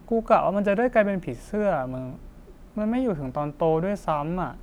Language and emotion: Thai, sad